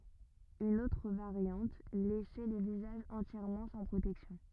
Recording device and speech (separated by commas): rigid in-ear microphone, read sentence